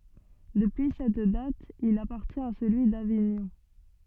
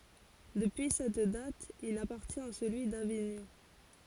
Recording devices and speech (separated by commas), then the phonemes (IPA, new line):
soft in-ear microphone, forehead accelerometer, read sentence
dəpyi sɛt dat il apaʁtjɛ̃t a səlyi daviɲɔ̃